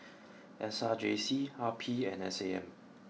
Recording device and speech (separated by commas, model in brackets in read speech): mobile phone (iPhone 6), read sentence